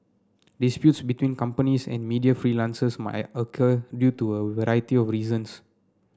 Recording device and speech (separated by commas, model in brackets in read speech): standing microphone (AKG C214), read sentence